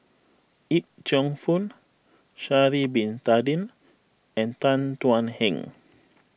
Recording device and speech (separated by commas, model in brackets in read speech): boundary microphone (BM630), read sentence